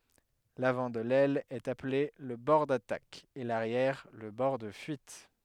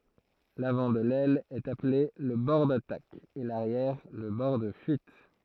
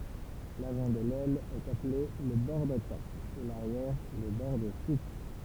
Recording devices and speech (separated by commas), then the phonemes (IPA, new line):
headset microphone, throat microphone, temple vibration pickup, read sentence
lavɑ̃ də lɛl ɛt aple lə bɔʁ datak e laʁjɛʁ lə bɔʁ də fyit